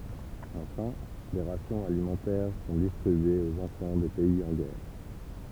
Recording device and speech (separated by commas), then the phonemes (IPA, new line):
temple vibration pickup, read sentence
ɑ̃fɛ̃ de ʁasjɔ̃z alimɑ̃tɛʁ sɔ̃ distʁibyez oz ɑ̃fɑ̃ de pɛiz ɑ̃ ɡɛʁ